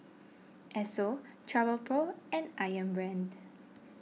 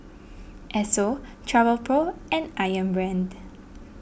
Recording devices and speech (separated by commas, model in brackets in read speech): mobile phone (iPhone 6), boundary microphone (BM630), read sentence